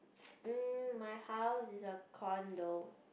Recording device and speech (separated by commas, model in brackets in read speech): boundary microphone, conversation in the same room